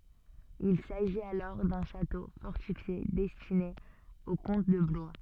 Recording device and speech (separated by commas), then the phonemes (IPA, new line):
soft in-ear microphone, read sentence
il saʒit alɔʁ dœ̃ ʃato fɔʁtifje dɛstine o kɔ̃t də blwa